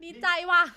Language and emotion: Thai, happy